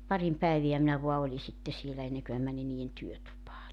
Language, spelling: Finnish, parin päivää minä vain olin sitten siellä ennen kuin minä menin niiden työtupaan
- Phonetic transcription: 'parim 'päeviä minä voa 'oli sitte sielä 'enneŋkö mä 'mäni nii₍en 'työtupaa .

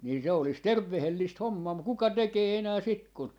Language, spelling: Finnish, niin se olisi terveellistä hommaa mutta kuka tekee enää sitten kun
- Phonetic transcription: nii se olis "tervvehellist "hommaa muk 'kuka "tekee 'enää sit kun , .

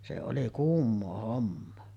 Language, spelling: Finnish, se oli kuumaa hommaa
- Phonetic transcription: se oli 'kuummo̳a̳§ hommoo .

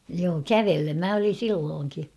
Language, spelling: Finnish, joo kävellen minä olin silloinkin
- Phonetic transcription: joo "kävellem 'mä olin̬ "sillooŋki .

